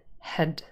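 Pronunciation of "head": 'Had' is said in its weak form, with a schwa. The vowel is slightly shorter and not as wide open.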